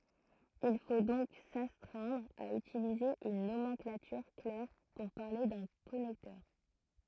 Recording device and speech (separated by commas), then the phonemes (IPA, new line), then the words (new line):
throat microphone, read sentence
il fo dɔ̃k sastʁɛ̃dʁ a ytilize yn nomɑ̃klatyʁ klɛʁ puʁ paʁle dœ̃ kɔnɛktœʁ
Il faut donc s'astreindre à utiliser une nomenclature claire pour parler d'un connecteur.